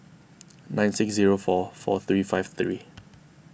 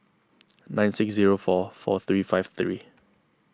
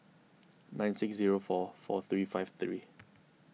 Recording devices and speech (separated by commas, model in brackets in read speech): boundary microphone (BM630), close-talking microphone (WH20), mobile phone (iPhone 6), read sentence